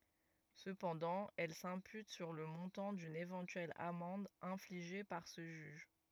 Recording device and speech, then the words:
rigid in-ear microphone, read sentence
Cependant, elle s'impute sur le montant d'une éventuelle amende infligée par ce juge.

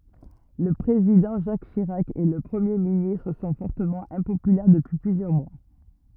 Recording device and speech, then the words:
rigid in-ear microphone, read sentence
Le Président Jacques Chirac et le Premier ministre sont fortement impopulaires depuis plusieurs mois.

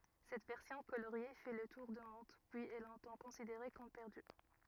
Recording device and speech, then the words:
rigid in-ear microphone, read sentence
Cette version coloriée fait le tour du monde, puis est longtemps considérée comme perdue.

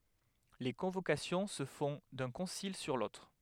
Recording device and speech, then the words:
headset microphone, read sentence
Les convocations se font d’un concile sur l’autre.

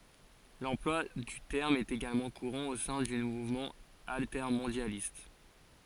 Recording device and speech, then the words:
forehead accelerometer, read sentence
L'emploi du terme est également courant au sein du mouvement altermondialiste.

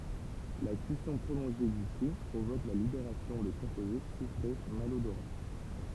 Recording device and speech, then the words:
temple vibration pickup, read sentence
La cuisson prolongée du chou provoque la libération de composés soufrés malodorants.

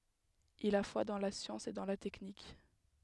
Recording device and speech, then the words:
headset microphone, read sentence
Il a foi dans la science et dans la technique.

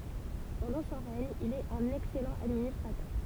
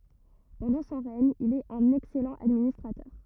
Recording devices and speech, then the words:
temple vibration pickup, rigid in-ear microphone, read sentence
Pendant son règne, il est un excellent administrateur.

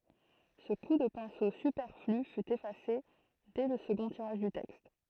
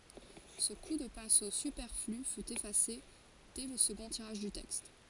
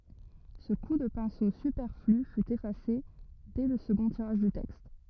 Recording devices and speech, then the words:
throat microphone, forehead accelerometer, rigid in-ear microphone, read sentence
Ce coup de pinceau superflu fut effacé dès le second tirage du texte.

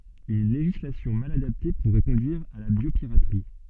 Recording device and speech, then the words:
soft in-ear microphone, read sentence
Une législation mal adaptée pourrait conduire à la biopiraterie.

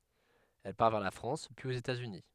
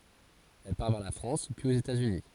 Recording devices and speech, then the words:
headset microphone, forehead accelerometer, read sentence
Elle part vers la France, puis aux États-Unis.

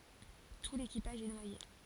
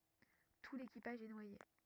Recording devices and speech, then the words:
forehead accelerometer, rigid in-ear microphone, read sentence
Tout l'équipage est noyé.

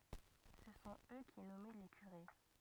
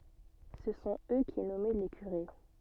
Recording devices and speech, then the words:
rigid in-ear microphone, soft in-ear microphone, read sentence
Ce sont eux qui nommaient les curés.

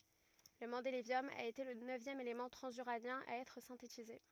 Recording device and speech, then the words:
rigid in-ear microphone, read sentence
Le mendélévium a été le neuvième élément transuranien à être synthétisé.

